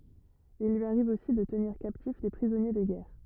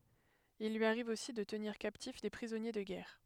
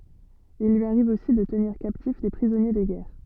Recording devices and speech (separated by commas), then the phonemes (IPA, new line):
rigid in-ear microphone, headset microphone, soft in-ear microphone, read sentence
il lyi aʁiv osi də təniʁ kaptif de pʁizɔnje də ɡɛʁ